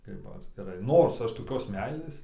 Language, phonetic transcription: Lithuanian, ˈkaip atskiˈrai ˈnors ˈaš toˈkios ˈmeilės

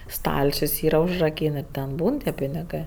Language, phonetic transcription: Lithuanian, ˈstalčius ˈyra užraˈkyn ir ten ˈbūn tie piniˈgɜ

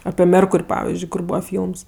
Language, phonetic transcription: Lithuanian, api ˈmerkur' ˈpavizdžiui kur ˈbūva ˈfylms

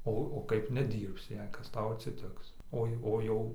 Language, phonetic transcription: Lithuanian, ˈo o ˈkaip neˈdyrbsi jei ˈkas ˈtau atsiˈtiks ˈoi ˈo jau

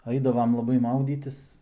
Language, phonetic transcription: Lithuanian, ˈaidavam laˈbai ˈmaudytis

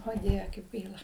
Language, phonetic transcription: Lithuanian, o ˈdieve kaip ˈgaila

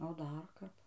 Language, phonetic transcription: Lithuanian, o ˈdar ˈkap

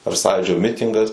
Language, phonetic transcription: Lithuanian, ar ˈsąjūdžio ˈmitingas

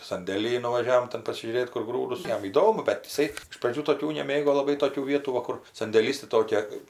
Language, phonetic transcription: Lithuanian, sandėˈlyj nuvaˈžiavom ˈten pasižiūˈrėt kur ˈgrūdus ˈjam įˈdomu bet iˈsai iš praˈdžių toˈkių neˈmėgo laˈbai ˈtokių ˈvietų ˈva kur sandėˈlys taiˈtokia

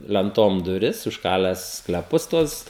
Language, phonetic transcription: Lithuanian, lenˈtom duˈris užˈkalęs skleˈpus ˈtuos

